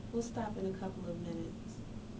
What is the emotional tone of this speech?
neutral